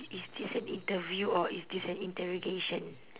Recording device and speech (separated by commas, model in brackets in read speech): telephone, conversation in separate rooms